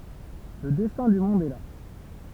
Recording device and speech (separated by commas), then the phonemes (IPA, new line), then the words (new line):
temple vibration pickup, read sentence
lə dɛstɛ̃ dy mɔ̃d ɛ la
Le destin du monde est là.